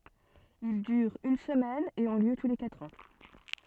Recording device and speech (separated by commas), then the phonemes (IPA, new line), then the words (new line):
soft in-ear microphone, read sentence
il dyʁt yn səmɛn e ɔ̃ ljø tu le katʁ ɑ̃
Ils durent une semaine et ont lieu tous les quatre ans.